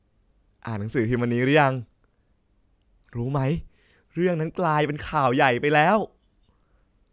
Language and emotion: Thai, happy